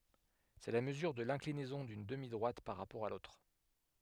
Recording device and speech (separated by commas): headset microphone, read sentence